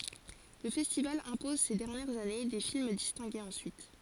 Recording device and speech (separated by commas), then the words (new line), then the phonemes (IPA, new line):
forehead accelerometer, read sentence
Le festival impose ces dernières années des films distingués ensuite.
lə fɛstival ɛ̃pɔz se dɛʁnjɛʁz ane de film distɛ̃ɡez ɑ̃syit